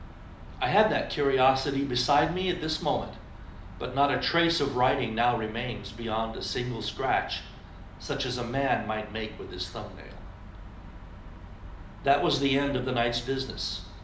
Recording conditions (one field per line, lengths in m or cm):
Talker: one person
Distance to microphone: 2.0 m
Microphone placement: close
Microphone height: 99 cm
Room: medium-sized (5.7 m by 4.0 m)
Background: none